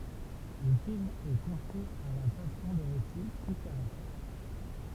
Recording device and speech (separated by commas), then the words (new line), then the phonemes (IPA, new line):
temple vibration pickup, read sentence
Le film est construit à la façon des récits picaresques.
lə film ɛ kɔ̃stʁyi a la fasɔ̃ de ʁesi pikaʁɛsk